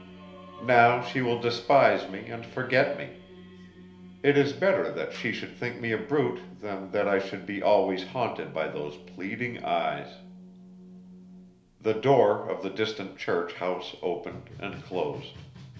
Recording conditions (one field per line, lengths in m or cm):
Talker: one person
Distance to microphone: 1.0 m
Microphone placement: close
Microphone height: 1.1 m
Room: small (3.7 m by 2.7 m)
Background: music